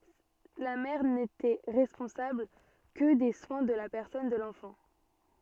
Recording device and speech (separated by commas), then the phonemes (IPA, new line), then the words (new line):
soft in-ear microphone, read sentence
la mɛʁ netɛ ʁɛspɔ̃sabl kə de swɛ̃ də la pɛʁsɔn də lɑ̃fɑ̃
La mère n'était responsable que des soins de la personne de l'enfant.